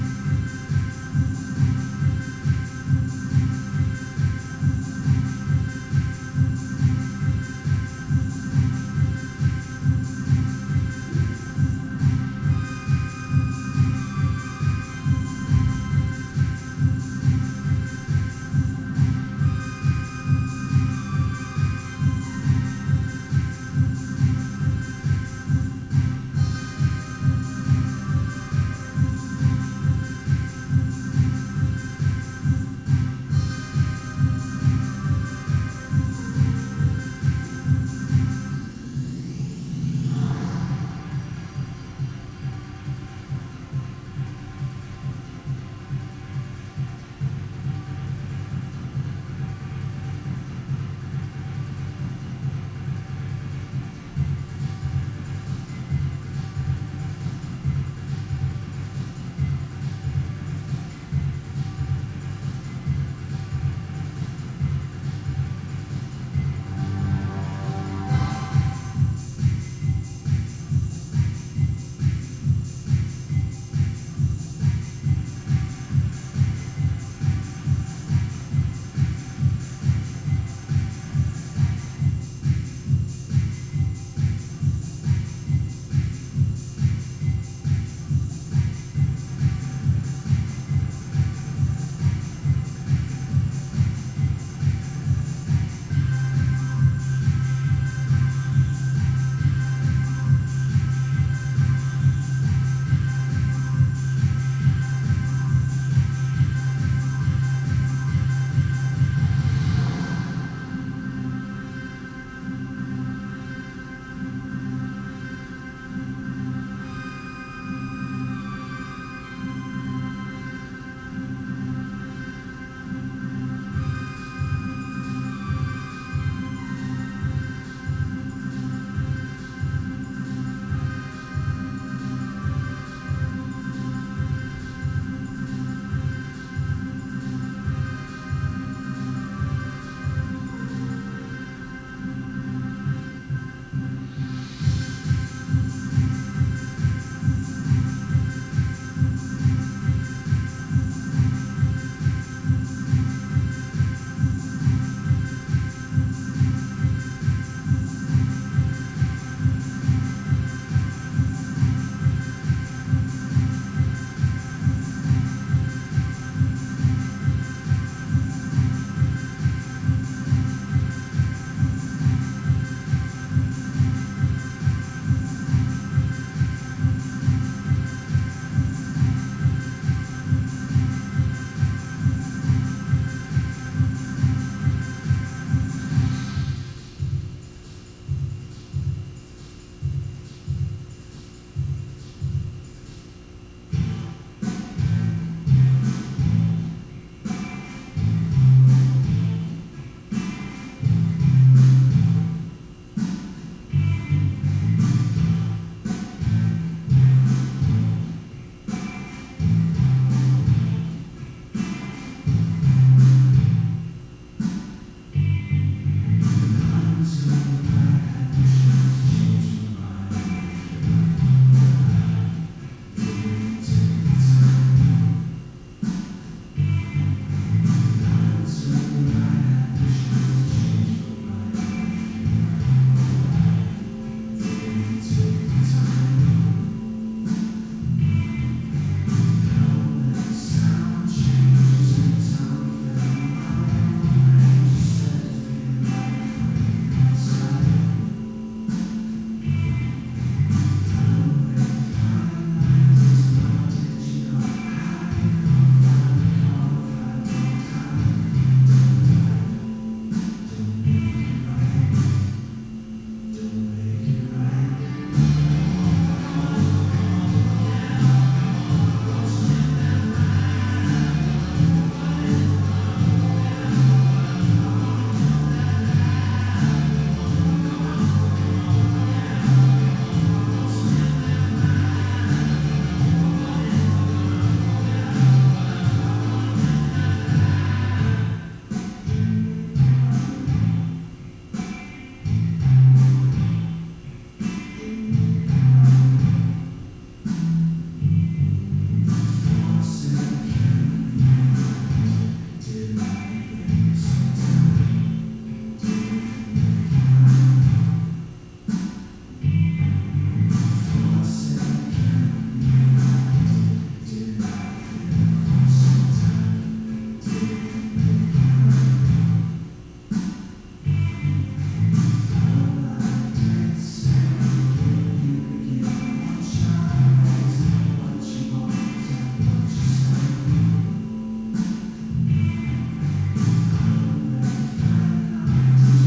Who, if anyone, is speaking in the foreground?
No one.